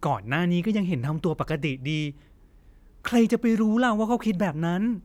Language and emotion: Thai, frustrated